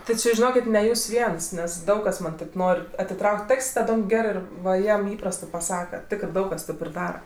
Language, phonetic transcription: Lithuanian, ti ˈči žiˈnokit ne ˈjūs ˈviens nes ˈdaug kas ˈman' tėp ˈnor' atiˈtrauk't' ˈaks' taˈdom ˈgerɜ ir ˈva ˈjam ˈįprastɜ paˈsaka ˈtikrɜ ˈdaug kas ˈtėp ir ˈdara

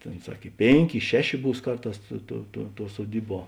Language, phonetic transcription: Lithuanian, ˈtėn ˈsak i ˈpėnˌkė i ˈšeˌšė ˈbūs ˈkarˌtās ˈtuo tuo tuo suoˈdyˌbuo

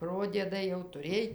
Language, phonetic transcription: Lithuanian, ˈprodiedai jau tuˈrėj

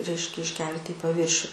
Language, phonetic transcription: Lithuanian, ˈreiškia išˈkelti į paˈvyršiu

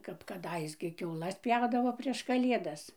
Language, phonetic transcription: Lithuanian, kap kaˈdais gi kiauˈlas ˈpjaudavo ˈprieš kaˈliedas

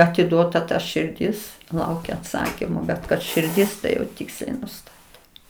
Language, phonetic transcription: Lithuanian, atiˈduota ta širˈdis ˈlaukia atˈsakimo bet kad širˈdis tai jau ˈtiksliai nuˈstatė

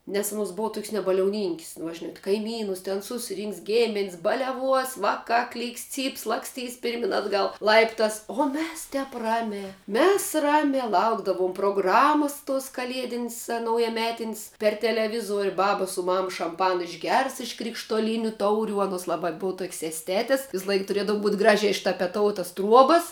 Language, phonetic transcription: Lithuanian, nes anˈos ˈbua tok's' nebaliauˈninkis nu va ˈžinat' kaiˈmynus ˈten ˈsusˌrinks ˈgėmin's' baleˈvuos ˈvaˌkā ˈklyks ˈcyps ˈlakstys ˈpirmin ˈatgal ˈlaiptas o ˈmes ˈtep ˈramia ˈmes ˈramia ˈlaukdavum proˈgramus tos kaˈliedin's' a naujaˈmetin's' per teleˈvizuor' ˈbaba su ˈmam šamˈpana išˈgers iš krikštuoˈlyniu ˈtaurių ˈanuos ˈlaba ˈbova tuok's' esˈtetis ˈvislaik tuˈriedav būt' ˈgražia ištapeˈtoutas ˈtruobas

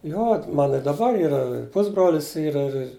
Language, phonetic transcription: Lithuanian, ˈjo ˈmana i daˈbar ˈyra ˈpusbrolis ˈyra ir ir

